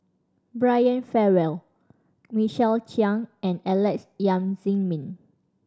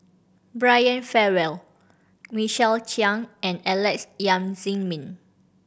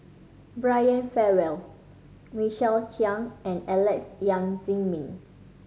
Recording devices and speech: standing microphone (AKG C214), boundary microphone (BM630), mobile phone (Samsung C5010), read sentence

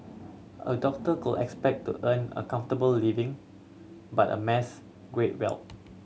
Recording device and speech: mobile phone (Samsung C7100), read sentence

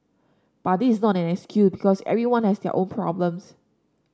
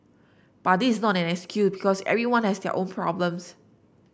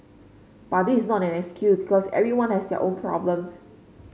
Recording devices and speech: standing microphone (AKG C214), boundary microphone (BM630), mobile phone (Samsung C5), read sentence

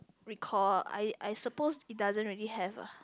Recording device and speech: close-talking microphone, conversation in the same room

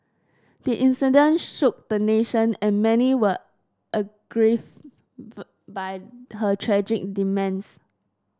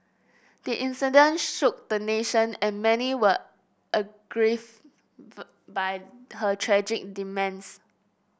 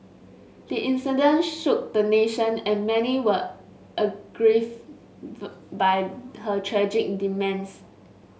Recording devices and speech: standing microphone (AKG C214), boundary microphone (BM630), mobile phone (Samsung S8), read sentence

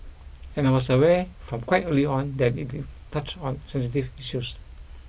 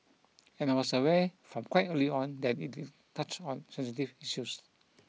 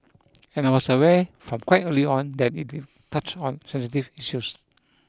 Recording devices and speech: boundary microphone (BM630), mobile phone (iPhone 6), close-talking microphone (WH20), read sentence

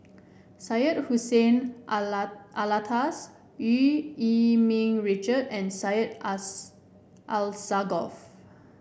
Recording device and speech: boundary microphone (BM630), read sentence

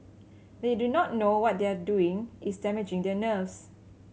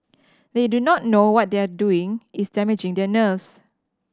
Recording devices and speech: mobile phone (Samsung C7100), standing microphone (AKG C214), read sentence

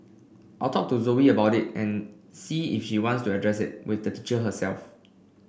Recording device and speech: boundary microphone (BM630), read sentence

